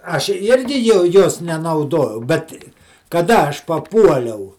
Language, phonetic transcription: Lithuanian, ˈaš ˈirgi jau ˈjos nenauˈdojau ˈbet kaˈda ˈaš paˈpuoliau

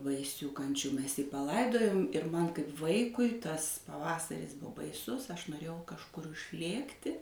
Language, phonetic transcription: Lithuanian, baiˈsių ˈkančių ˈmes jį paˈlaidojom ir ˈman kaip ˈvaikui ˈtas paˈvasaris ˈbu baiˈsus aš noˈrėjau kažˈkur ušˈlėkti

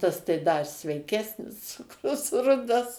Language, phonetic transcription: Lithuanian, ˈtas tai ˈda i sveiˈkesnis ˈcukrus ˈrudas

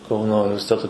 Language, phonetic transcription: Lithuanian, ˈkauno universiˈteto

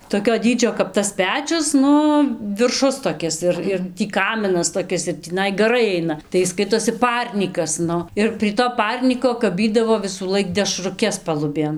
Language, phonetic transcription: Lithuanian, toˈkio ˈdydžio kap tas ˈpečius ˈnu virˈšus toˈkis ir ir ˈtį ˈkaminas toˈkis ir tįˈnai gaˈrai ˈaina tai ˈis ˈskaitosi ˈparnykas ˈnu ir prie to ˈparnyko kaˈbydavo visųˈlaik dešruˈkes paluˈbėn

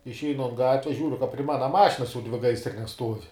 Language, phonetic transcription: Lithuanian, išˈeinu an ˈgatves ˈžiūriu ka pri ˈmana ˈmašinas jau ˈdvi ˈgaisrines ˈstuov'

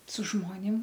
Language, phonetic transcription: Lithuanian, su ˈžmonim

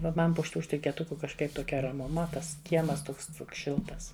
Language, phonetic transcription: Lithuanian, va ˈman pu šiˈtų štikėˈtuku kažˈkaip toˈkia ramuˈma ˈtas ˈkiemas ˈtuks ˈšiltas

